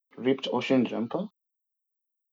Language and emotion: English, surprised